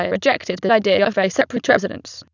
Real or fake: fake